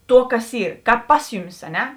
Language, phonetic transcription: Lithuanian, ˈtuo ˈkas ˈi ˈkāp ˈpas juˌmis a ˈne

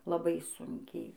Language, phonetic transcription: Lithuanian, laˈbai ˈsunkiai

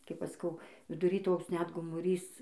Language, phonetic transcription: Lithuanian, ˈkaip ˈaš saˈkau viduˈry ˈtoks ˈnet gomuˈrys

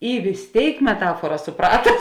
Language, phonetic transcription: Lithuanian, i vis ˈtėik meˈtafuora suˈprata

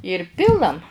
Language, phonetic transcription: Lithuanian, ir ˈpilam

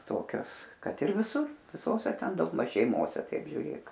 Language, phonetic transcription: Lithuanian, ˈtokios ˈkad ir viˈsų viˈsose ˈten daugˈmaž šeiˈmose ˈtaip žiuˈrėk

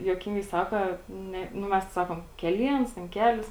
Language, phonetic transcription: Lithuanian, juoˈkingai ˈsaka ˈne nu ˈmes tai ˈsakom keˈliens ten ˈkelis

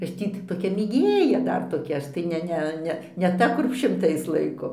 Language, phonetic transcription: Lithuanian, ˈaš ˈtį t toˈkia mėˈgėja ˈdar toˈkia ˈaš tai ˈne ˈne ˈne ne ˈta kur šimˈtais ˈlaiko

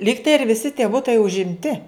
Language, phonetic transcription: Lithuanian, ˈlygtai ir viˈsi tie ˈbutai užimˈti

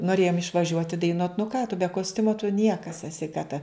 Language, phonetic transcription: Lithuanian, noˈrėjom išvaˈžiuoti daiˈnuot nu ką tu be kosˈtiumo tu ˈniekas eˈsi ka ta

